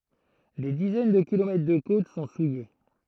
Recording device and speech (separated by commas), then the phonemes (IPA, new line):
throat microphone, read sentence
de dizɛn də kilomɛtʁ də kot sɔ̃ suje